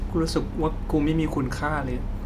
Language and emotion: Thai, sad